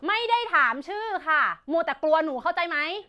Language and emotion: Thai, angry